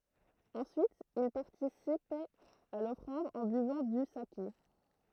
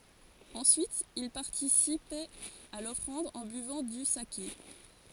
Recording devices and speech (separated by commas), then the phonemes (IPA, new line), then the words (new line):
throat microphone, forehead accelerometer, read sentence
ɑ̃syit il paʁtisipɛt a lɔfʁɑ̃d ɑ̃ byvɑ̃ dy sake
Ensuite, ils participaient à l’offrande en buvant du saké.